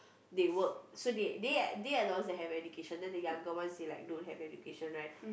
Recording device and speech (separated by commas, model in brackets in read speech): boundary microphone, conversation in the same room